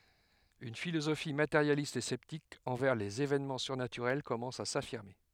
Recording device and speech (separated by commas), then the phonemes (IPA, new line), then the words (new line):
headset microphone, read sentence
yn filozofi mateʁjalist e sɛptik ɑ̃vɛʁ lez evɛnmɑ̃ syʁnatyʁɛl kɔmɑ̃s a safiʁme
Une philosophie matérialiste et sceptique envers les évènements surnaturels commence à s’affirmer.